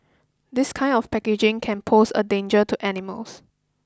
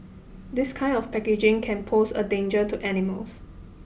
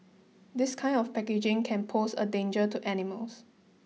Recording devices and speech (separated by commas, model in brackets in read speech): close-talking microphone (WH20), boundary microphone (BM630), mobile phone (iPhone 6), read sentence